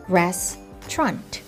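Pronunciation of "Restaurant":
'Restaurant' is said the British English way, with just two syllables.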